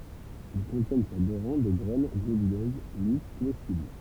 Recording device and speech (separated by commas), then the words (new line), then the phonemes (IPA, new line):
temple vibration pickup, read sentence
Ils contiennent sur deux rangs des graines globuleuses, lisses, comestibles.
il kɔ̃tjɛn syʁ dø ʁɑ̃ de ɡʁɛn ɡlobyløz lis komɛstibl